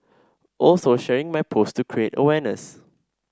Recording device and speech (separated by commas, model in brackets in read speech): standing microphone (AKG C214), read sentence